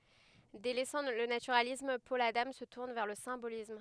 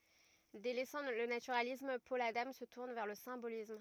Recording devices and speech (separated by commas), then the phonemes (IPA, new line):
headset microphone, rigid in-ear microphone, read sentence
delɛsɑ̃ lə natyʁalism pɔl adɑ̃ sə tuʁn vɛʁ lə sɛ̃bolism